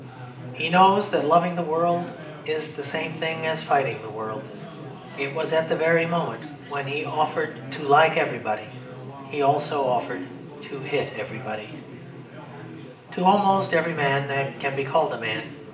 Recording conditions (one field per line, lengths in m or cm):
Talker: one person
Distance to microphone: 1.8 m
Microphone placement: close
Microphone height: 1.0 m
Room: large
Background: babble